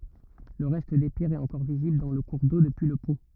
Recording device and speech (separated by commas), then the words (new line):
rigid in-ear microphone, read sentence
Le reste des pierres est encore visible dans le cours d'eau, depuis le pont.